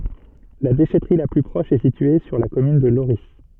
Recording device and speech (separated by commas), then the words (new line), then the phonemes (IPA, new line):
soft in-ear microphone, read sentence
La déchèterie la plus proche est située sur la commune de Lorris.
la deʃɛtʁi la ply pʁɔʃ ɛ sitye syʁ la kɔmyn də loʁi